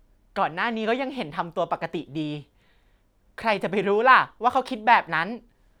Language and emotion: Thai, happy